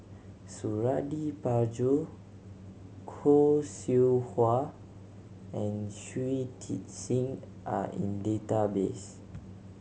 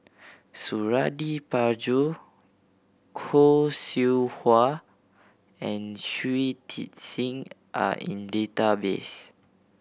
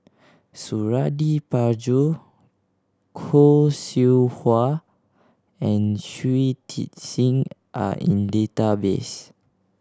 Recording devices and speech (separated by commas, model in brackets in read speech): mobile phone (Samsung C7100), boundary microphone (BM630), standing microphone (AKG C214), read sentence